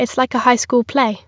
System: none